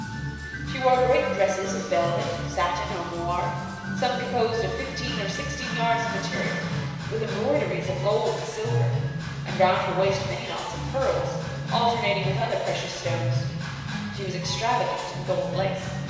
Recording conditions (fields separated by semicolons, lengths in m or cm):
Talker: one person; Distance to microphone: 1.7 m; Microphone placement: close; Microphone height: 1.0 m; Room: very reverberant, large; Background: music